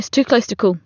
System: none